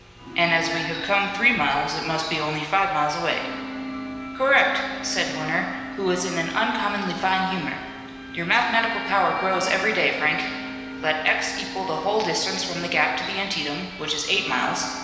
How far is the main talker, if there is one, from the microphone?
1.7 m.